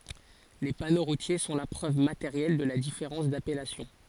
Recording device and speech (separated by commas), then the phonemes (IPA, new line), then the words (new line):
forehead accelerometer, read sentence
le pano ʁutje sɔ̃ la pʁøv mateʁjɛl də la difeʁɑ̃s dapɛlasjɔ̃
Les panneaux routiers sont la preuve matérielle de la différence d'appellation.